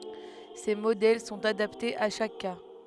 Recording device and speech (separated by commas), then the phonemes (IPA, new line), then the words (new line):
headset microphone, read sentence
se modɛl sɔ̃t adaptez a ʃak ka
Ces modèles sont adaptés à chaque cas.